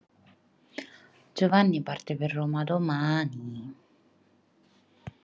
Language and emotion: Italian, sad